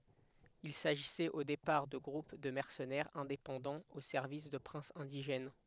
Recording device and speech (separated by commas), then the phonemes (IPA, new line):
headset microphone, read sentence
il saʒisɛt o depaʁ də ɡʁup də mɛʁsənɛʁz ɛ̃depɑ̃dɑ̃z o sɛʁvis də pʁɛ̃sz ɛ̃diʒɛn